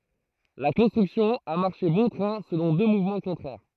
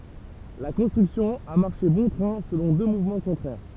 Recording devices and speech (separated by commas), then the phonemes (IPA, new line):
throat microphone, temple vibration pickup, read sentence
la kɔ̃stʁyksjɔ̃ a maʁʃe bɔ̃ tʁɛ̃ səlɔ̃ dø muvmɑ̃ kɔ̃tʁɛʁ